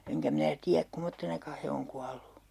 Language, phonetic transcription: Finnish, eŋkä 'minä 'tiäk "kumottenaka he oŋ 'kuallu .
- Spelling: enkä minä tiedä kummoisena he on kuollut

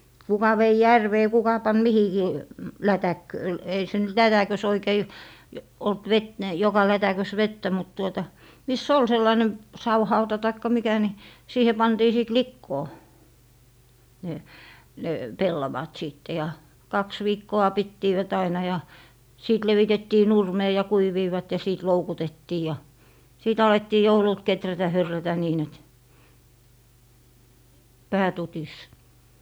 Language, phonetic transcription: Finnish, 'kuka vei "järvee 'kuka pan "mihikii , "lätäkkö- , ei se nyt "lätäkös oikei , olt vet- , ni joka 'lätäkös "vettä mut tuota , 'mis"s ‿ol 'sellaⁱne "sawhauta taikka 'mikä ni , 'siihe 'pantii sìt "likkoo , ne , ne , 'pellavat 'sìtte ja , "kaks 'viikko₍a 'pittiivät aina ja , 'sìt 'levitettii "nurmee ja 'kuiviivat ja 'sìt 'loukutettii ja , 'sìt 'alettii "joulult 'keträtä 'hyrrätä niin ‿et , "pää 'tutis .
- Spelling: kuka vei järveen kuka pani mihinkin - ei se nyt lätäkössä oikein ollut - niin joka lätäkössä vettä mutta tuota missä oli sellainen savihauta tai mikä niin siihen pantiin sitten likoon ne ne pellavat sitten ja kaksi viikkoa pitivät aina ja sitten levitettiin nurmeen ja kuivuivat ja sitten loukutettiin ja sitten alettiin joululta kehrätä hyrrätä niin että pää tutisi

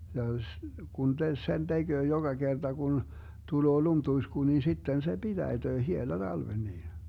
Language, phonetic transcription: Finnish, ja s- , 'Gun te - 'sen 'DeGöö joGa 'GerDa Gun , 'tuloo 'lumtuisku nin̬ 'sitten se 'BiDäiDöö 'hiela 'Dalven nii .
- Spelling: ja - kun - sen tekee joka kerta kun tulee lumituisku niin sitten se pitäityy hiela talven niin

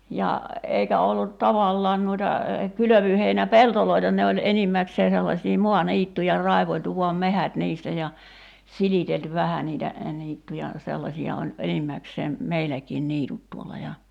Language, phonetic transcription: Finnish, 'ja , 'eikä ollut 'tavallaan nuita , 'kylövyheinä"peltoloita̳§n ne oĺ 'enimmäksee sellaśii 'mua"niittuja 'raivoĺtu vuam "mehät niistä ja , 'silitelty "vähä niitä , 'niittuja , 'sellasi₍a oĺ , "enimmäkseem , 'meiläkiin 'niitut tuolla ja ,.
- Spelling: ja eikä ollut tavallaan noita kylvöheinäpeltoja ne oli enimmäkseen sellaisia maaniittyjä raivailtu vain metsät niistä ja silitelty vähän niitä niittyjä sellaisia oli enimmäkseen meilläkin niityt tuolla ja

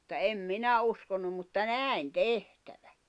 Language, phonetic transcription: Finnish, [mut]ta 'em "minä uskonum mutta "nä̀in "tehtävä .
- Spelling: mutta en minä uskonut mutta näin tehtävän

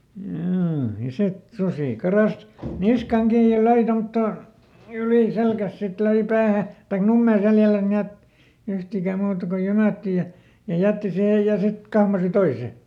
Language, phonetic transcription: Finnish, ˈhjuu ja "sit , ˈsusì ˈkaras , ˈniskaŋ ˈkiij ja "löi ˈtomttò , ˈylì ˈselkäs ˈsit ˈlöi "päähä , taik "nummee "seljäläs ˈni₍et , ˈyhtikä ˈmuuta ko "jymä̀tti ja , ja ˈjätti ˈsihej ja ˈsit , ˈkahmasi "toise .
- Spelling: juu ja sitten susi karkasi niskaan kiinni ja löi tuommottoon yli selän sitten löi päähän tai nummeen selällensä niin että yhtikään muuta kuin jymähtää ja ja jätti siihen ja sitten kahmaisi toisen

